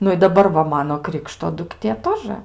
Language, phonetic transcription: Lithuanian, ˈnu i daˈbar va ˈmano ˈkrikšto dukˈtė ˈtožə

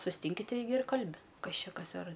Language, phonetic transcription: Lithuanian, susˈtinki ˈteigi ir ˈkalbi ˈkas ˈčia ˈkas ar

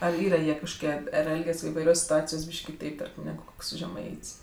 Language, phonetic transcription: Lithuanian, ar ˈyra ˈjie kažkoˈkie ar ˈelgias ivaiˈrios' situˈacijos' ˈbyšk' kiˈtaip ˈtarkim ˈnegu ˈkoks žeˈmait's'

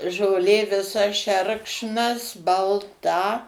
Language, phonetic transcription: Lithuanian, žoˈlė viˈsa ˈšerkšnas balˈta

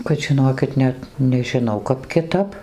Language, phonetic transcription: Lithuanian, kad žiˈnokit ˈnet nežiˈnau ˈkap kiˈtap

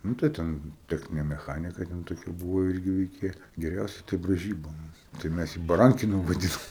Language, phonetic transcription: Lithuanian, nu tai ˈten ˈtechninė meˈchanika ten toˈkia ˈbūvo ˈirgi veiˈkėja geˈriausia tai braiˈžyba ˈmums tai ˈmæs jį baˈrankinu vaˈdinom

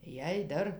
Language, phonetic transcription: Lithuanian, jei ˈdar

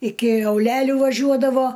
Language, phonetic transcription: Lithuanian, iki auˈlelių vaˈžiuodavo

